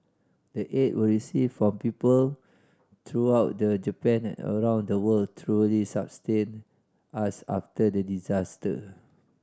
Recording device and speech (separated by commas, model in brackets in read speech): standing microphone (AKG C214), read sentence